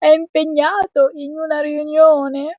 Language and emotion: Italian, sad